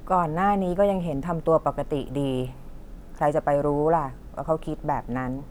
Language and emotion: Thai, neutral